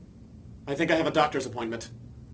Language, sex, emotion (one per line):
English
male
fearful